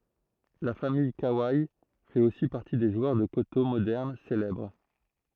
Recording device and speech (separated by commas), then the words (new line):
throat microphone, read sentence
La famille Kawai fait aussi partie des joueurs de koto moderne célèbres.